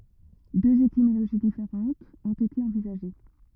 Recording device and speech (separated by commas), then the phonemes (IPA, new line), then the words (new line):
rigid in-ear microphone, read sentence
døz etimoloʒi difeʁɑ̃tz ɔ̃t ete ɑ̃vizaʒe
Deux étymologies différentes ont été envisagées.